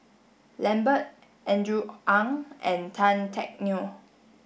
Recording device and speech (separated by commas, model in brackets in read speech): boundary microphone (BM630), read sentence